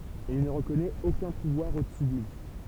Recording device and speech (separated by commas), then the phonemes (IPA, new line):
temple vibration pickup, read sentence
il nə ʁəkɔnɛt okœ̃ puvwaʁ odəsy də lyi